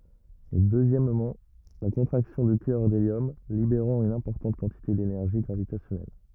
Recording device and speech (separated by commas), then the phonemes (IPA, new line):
rigid in-ear microphone, read sentence
e døzjɛmmɑ̃ la kɔ̃tʁaksjɔ̃ dy kœʁ deljɔm libeʁɑ̃ yn ɛ̃pɔʁtɑ̃t kɑ̃tite denɛʁʒi ɡʁavitasjɔnɛl